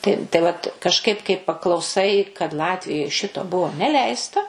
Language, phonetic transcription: Lithuanian, tai tai ˈvat kažˈkaip kai paklauˈsai kad ˈlatvijoj ˈšito ˈbuvo neˈleista

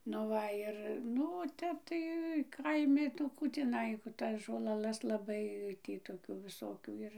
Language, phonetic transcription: Lithuanian, nu ˈva ir ˈnu o ˈtep tai ˈkaimi nu ˈkų tiˈnai ˈtas žolaˈlas laˈbai ˈtį toˈkių viˈsokių ˈir

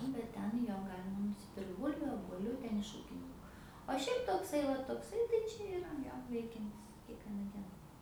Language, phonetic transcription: Lithuanian, nu bet ˈten ˈjo ˈgalima nusiˈpirkt ˈbulviu obuoˈliu ˈten iš ˈūkininku o ˈšiaip tokˈsai ˈva tokˈsai tai ˈčia iˈra ˈjo ˈveikiantis kiekˈviena ˈdiena

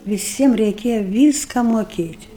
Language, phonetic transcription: Lithuanian, viˈsiem reiˈkėja ˈvyska moˈkėt'

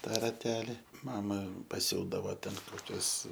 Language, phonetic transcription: Lithuanian, ˈtą raˈteli ˈmama paˈsiūdavo ˈten koˈkius

